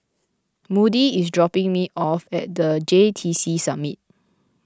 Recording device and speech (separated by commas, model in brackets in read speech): close-talking microphone (WH20), read sentence